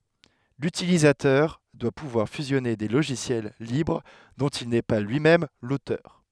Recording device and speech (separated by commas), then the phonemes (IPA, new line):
headset microphone, read sentence
lytilizatœʁ dwa puvwaʁ fyzjɔne de loʒisjɛl libʁ dɔ̃t il nɛ pa lyi mɛm lotœʁ